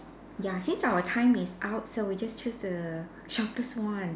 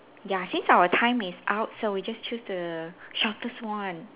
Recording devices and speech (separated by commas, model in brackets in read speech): standing microphone, telephone, conversation in separate rooms